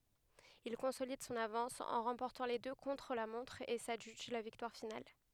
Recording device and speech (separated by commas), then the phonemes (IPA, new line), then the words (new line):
headset microphone, read sentence
il kɔ̃solid sɔ̃n avɑ̃s ɑ̃ ʁɑ̃pɔʁtɑ̃ le dø kɔ̃tʁ la mɔ̃tʁ e sadʒyʒ la viktwaʁ final
Il consolide son avance en remportant les deux contre-la-montre et s'adjuge la victoire finale.